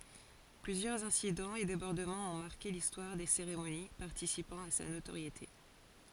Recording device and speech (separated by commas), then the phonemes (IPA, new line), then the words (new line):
forehead accelerometer, read sentence
plyzjœʁz ɛ̃sidɑ̃z e debɔʁdəmɑ̃z ɔ̃ maʁke listwaʁ de seʁemoni paʁtisipɑ̃ a sa notoʁjete
Plusieurs incidents et débordements ont marqué l'histoire des cérémonies, participant à sa notoriété.